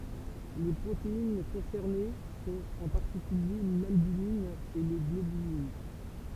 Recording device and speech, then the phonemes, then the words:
temple vibration pickup, read sentence
le pʁotein kɔ̃sɛʁne sɔ̃t ɑ̃ paʁtikylje lalbymin e la ɡlobylin
Les protéines concernées sont, en particulier, l'albumine et la globuline.

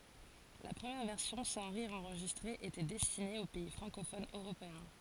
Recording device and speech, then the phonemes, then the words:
forehead accelerometer, read sentence
la pʁəmjɛʁ vɛʁsjɔ̃ sɑ̃ ʁiʁz ɑ̃ʁʒistʁez etɛ dɛstine o pɛi fʁɑ̃kofonz øʁopeɛ̃
La première version sans rires enregistrés était destinée aux pays francophones européens.

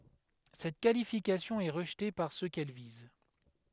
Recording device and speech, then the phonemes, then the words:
headset microphone, read sentence
sɛt kalifikasjɔ̃ ɛ ʁəʒte paʁ sø kɛl viz
Cette qualification est rejetée par ceux qu'elle vise.

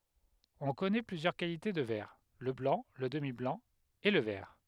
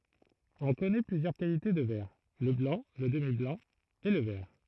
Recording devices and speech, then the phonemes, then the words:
headset microphone, throat microphone, read sentence
ɔ̃ kɔnɛ plyzjœʁ kalite də vɛʁ lə blɑ̃ lə dəmiblɑ̃ e lə vɛʁ
On connaît plusieurs qualités de verre: le blanc, le demi-blanc et le vert.

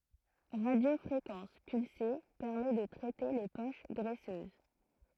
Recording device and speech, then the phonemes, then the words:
throat microphone, read sentence
ʁadjofʁekɑ̃s pylse pɛʁmɛ də tʁɛte le poʃ ɡʁɛsøz
Radiofréquence pulsée: permet de traiter les poches graisseuses.

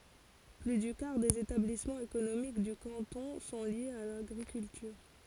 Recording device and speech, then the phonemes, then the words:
forehead accelerometer, read sentence
ply dy kaʁ dez etablismɑ̃z ekonomik dy kɑ̃tɔ̃ sɔ̃ ljez a laɡʁikyltyʁ
Plus du quart des établissements économiques du canton sont liés à l'agriculture.

